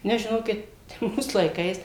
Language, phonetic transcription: Lithuanian, ˈnes žiˈnokit ˈmūs laiˈkais

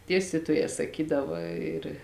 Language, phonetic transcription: Lithuanian, ˈdiestytuojē saˈkydava ir

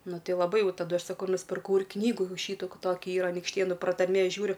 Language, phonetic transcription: Lithuanian, ˈnu ˈti jau laˈbai ˈjau taˈdu ˈaš ˈsaku nuspirˈkau ir ˈknygų ˈšytų ˈka ˈtokia ˈyra anykšˈtėnu pratarˈmė ˈžiūriu

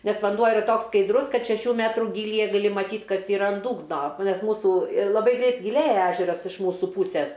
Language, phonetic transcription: Lithuanian, ˈnes vanˈduo iˈra ˈtoks skaidˈrus ˈkad šeˈšių ˈmetrų gylyˈje gaˈli maˈtyt ˈkas iˈra an ˈdūgno ˈnes ˈmūsų ir laˈbai ˈgreit giˈlėja ˈežeras iš ˈmūsu ˈpūsės

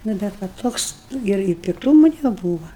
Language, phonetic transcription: Lithuanian, ˈnu bet ˈva ˈtoks ˈnu ir i pikˈtūmu neˈbūva

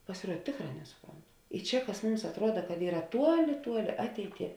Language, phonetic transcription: Lithuanian, pasiˈruod ˈtėkˌrā ˈnesuˌpront i ˈčia kas ˈmums atˈruoda kad ˈyra ˈtuoˌli ˈtuoˌli ˈateiˌtie

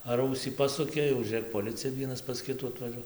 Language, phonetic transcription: Lithuanian, ar ˈausį ˈpasukė jau žiūˈrėk poˈlicija ˈvienas pas ˈkitų atvaˈžuo

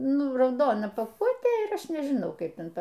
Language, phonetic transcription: Lithuanian, ˈnu rauˈdona paˈkuotė ir ˈaš nežiˈnau ˈkaip ˈten ˈtaˈ

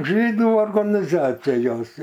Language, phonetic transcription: Lithuanian, ˈžydų organiˈzacijos

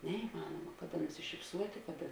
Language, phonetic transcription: Lithuanian, neiˈmanoma ˈkaˌda nusišipˈsuotė ˈkaˌda

